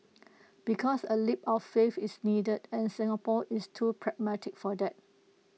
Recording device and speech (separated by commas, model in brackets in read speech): mobile phone (iPhone 6), read sentence